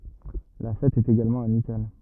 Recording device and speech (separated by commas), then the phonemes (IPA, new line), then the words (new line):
rigid in-ear microphone, read sentence
la fɛt ɛt eɡalmɑ̃ amikal
La fête est également amicale.